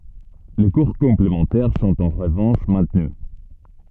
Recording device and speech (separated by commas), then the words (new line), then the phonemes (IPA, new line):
soft in-ear microphone, read sentence
Les cours complémentaires sont en revanche maintenus.
le kuʁ kɔ̃plemɑ̃tɛʁ sɔ̃t ɑ̃ ʁəvɑ̃ʃ mɛ̃tny